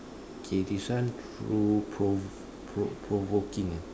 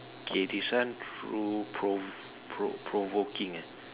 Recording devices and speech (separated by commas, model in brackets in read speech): standing microphone, telephone, conversation in separate rooms